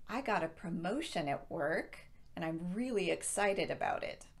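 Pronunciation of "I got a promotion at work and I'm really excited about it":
The intonation swings up at the end of the first clause, 'I got a promotion at work', even though it could stand alone as a sentence, because the sentence is not finished.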